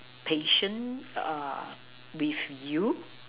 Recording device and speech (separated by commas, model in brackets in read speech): telephone, conversation in separate rooms